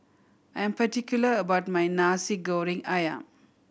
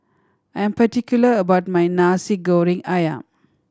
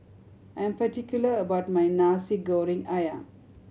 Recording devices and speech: boundary microphone (BM630), standing microphone (AKG C214), mobile phone (Samsung C7100), read sentence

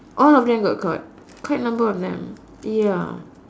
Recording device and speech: standing microphone, conversation in separate rooms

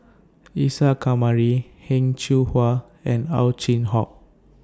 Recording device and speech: standing microphone (AKG C214), read sentence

